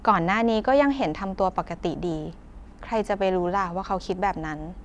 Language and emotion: Thai, neutral